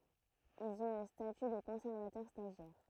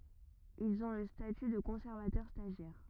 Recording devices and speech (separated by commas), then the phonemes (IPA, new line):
throat microphone, rigid in-ear microphone, read sentence
ilz ɔ̃ lə staty də kɔ̃sɛʁvatœʁ staʒjɛʁ